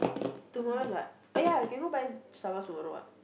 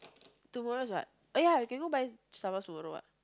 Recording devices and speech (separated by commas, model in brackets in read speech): boundary microphone, close-talking microphone, conversation in the same room